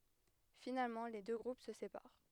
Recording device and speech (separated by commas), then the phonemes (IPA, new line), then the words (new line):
headset microphone, read sentence
finalmɑ̃ le dø ɡʁup sə sepaʁ
Finalement les deux groupes se séparent.